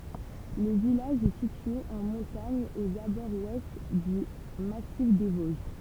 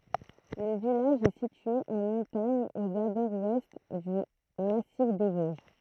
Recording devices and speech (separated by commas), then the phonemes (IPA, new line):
temple vibration pickup, throat microphone, read sentence
lə vilaʒ ɛ sitye ɑ̃ mɔ̃taɲ oz abɔʁz wɛst dy masif de voʒ